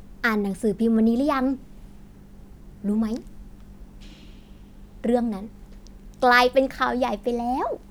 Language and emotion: Thai, happy